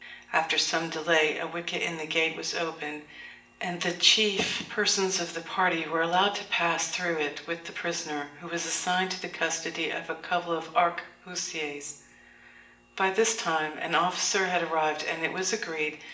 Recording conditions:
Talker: one person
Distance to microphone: 1.8 m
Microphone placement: close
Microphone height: 1.0 m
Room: large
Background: none

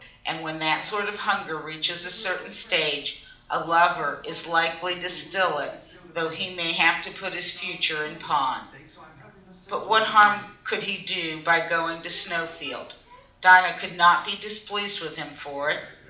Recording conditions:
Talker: one person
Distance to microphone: 2.0 m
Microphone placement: close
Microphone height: 99 cm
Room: medium-sized (5.7 m by 4.0 m)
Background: television

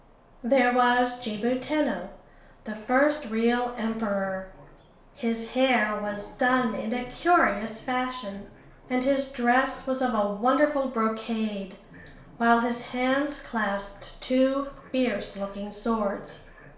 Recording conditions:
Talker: one person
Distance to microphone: 1.0 m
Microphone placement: close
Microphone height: 1.1 m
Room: small (3.7 m by 2.7 m)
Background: television

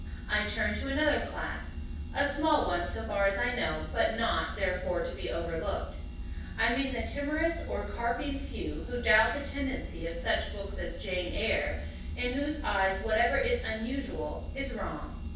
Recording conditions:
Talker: one person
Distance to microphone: 9.8 m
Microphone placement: far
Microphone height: 1.8 m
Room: large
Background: none

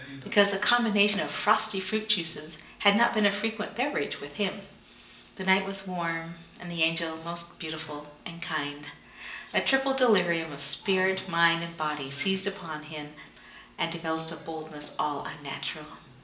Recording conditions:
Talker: one person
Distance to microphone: 1.8 m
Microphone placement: close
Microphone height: 1.0 m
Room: large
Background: television

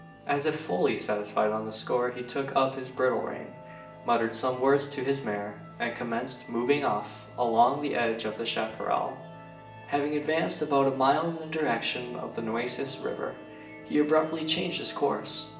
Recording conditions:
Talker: one person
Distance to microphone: 1.8 m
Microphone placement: close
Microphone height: 1.0 m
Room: large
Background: music

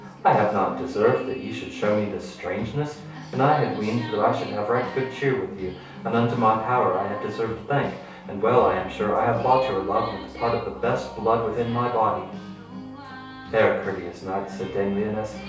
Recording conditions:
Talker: one person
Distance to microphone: 3.0 m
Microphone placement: far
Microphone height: 1.8 m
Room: small (3.7 m by 2.7 m)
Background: music

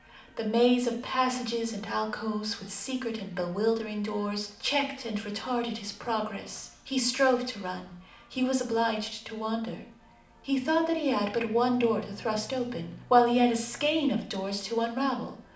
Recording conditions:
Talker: one person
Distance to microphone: 2.0 m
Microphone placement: close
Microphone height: 99 cm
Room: medium-sized (5.7 m by 4.0 m)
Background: television

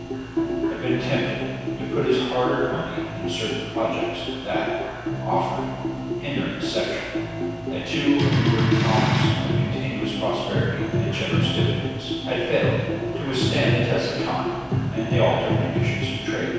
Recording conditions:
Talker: one person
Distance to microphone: 7.1 m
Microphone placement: far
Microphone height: 1.7 m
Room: very reverberant, large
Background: music

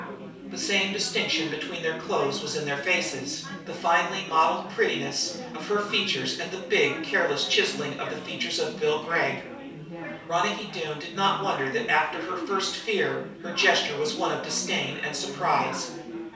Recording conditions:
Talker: one person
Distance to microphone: 3.0 m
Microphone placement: far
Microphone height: 1.8 m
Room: small (3.7 m by 2.7 m)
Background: babble

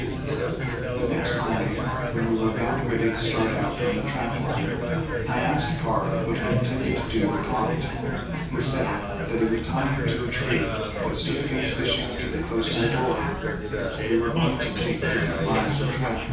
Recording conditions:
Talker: one person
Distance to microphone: 9.8 m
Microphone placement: far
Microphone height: 1.8 m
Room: large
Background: babble

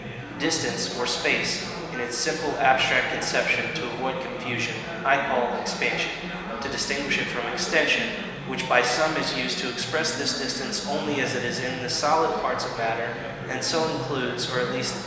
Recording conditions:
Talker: one person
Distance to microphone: 1.7 m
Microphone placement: close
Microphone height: 1.0 m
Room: very reverberant, large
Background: babble

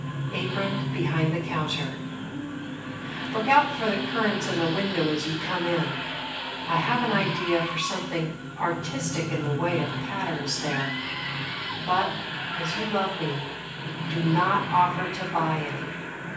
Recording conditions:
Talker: one person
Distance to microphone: 9.8 m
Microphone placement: far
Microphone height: 1.8 m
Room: large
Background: television

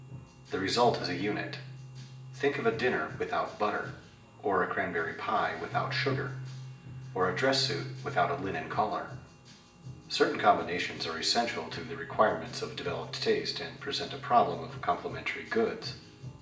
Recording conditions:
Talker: one person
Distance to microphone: 1.8 m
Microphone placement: close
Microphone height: 1.0 m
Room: large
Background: music

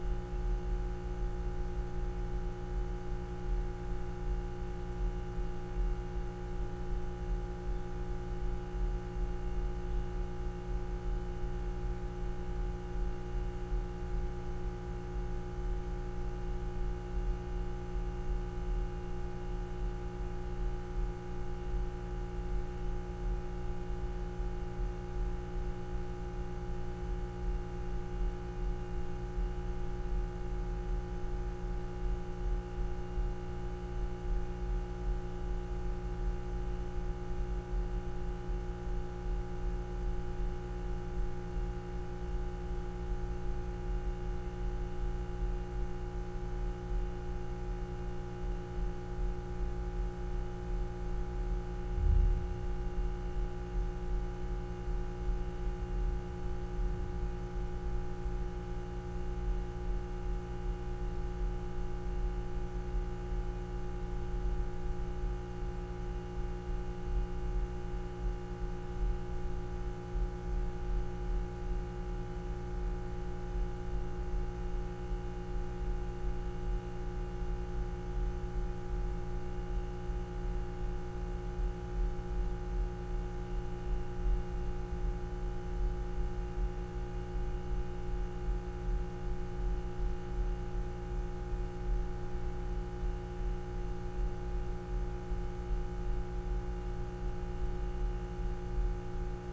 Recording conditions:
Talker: no one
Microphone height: 56 cm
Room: very reverberant, large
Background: none

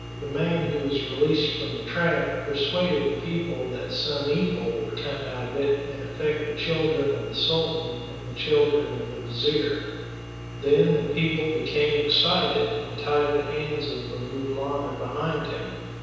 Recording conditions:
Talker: one person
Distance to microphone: 7.1 m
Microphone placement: far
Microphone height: 1.7 m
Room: very reverberant, large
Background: none

